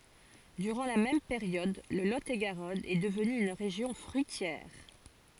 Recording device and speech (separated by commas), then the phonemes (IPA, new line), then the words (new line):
forehead accelerometer, read sentence
dyʁɑ̃ la mɛm peʁjɔd lə lo e ɡaʁɔn ɛ dəvny yn ʁeʒjɔ̃ fʁyitjɛʁ
Durant la même période, le Lot-et-Garonne est devenu une région fruitière.